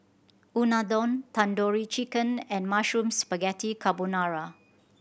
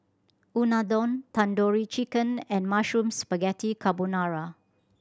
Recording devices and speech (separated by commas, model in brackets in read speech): boundary microphone (BM630), standing microphone (AKG C214), read sentence